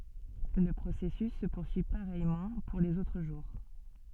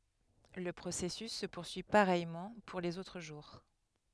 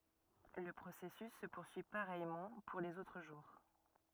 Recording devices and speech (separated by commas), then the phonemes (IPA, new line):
soft in-ear microphone, headset microphone, rigid in-ear microphone, read sentence
lə pʁosɛsys sə puʁsyi paʁɛjmɑ̃ puʁ lez otʁ ʒuʁ